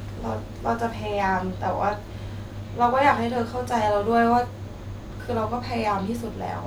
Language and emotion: Thai, sad